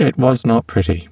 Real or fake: fake